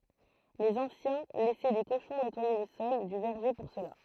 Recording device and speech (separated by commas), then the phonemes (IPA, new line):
throat microphone, read sentence
lez ɑ̃sjɛ̃ lɛsɛ de koʃɔ̃ nɛtwaje lə sɔl dy vɛʁʒe puʁ səla